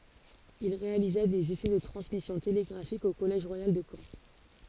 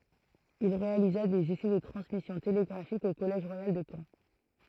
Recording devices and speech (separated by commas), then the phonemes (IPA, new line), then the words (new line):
forehead accelerometer, throat microphone, read sentence
il ʁealiza dez esɛ də tʁɑ̃smisjɔ̃ teleɡʁafik o kɔlɛʒ ʁwajal də kɑ̃
Il réalisa des essais de transmission télégraphique au collège royal de Caen.